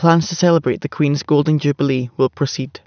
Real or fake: real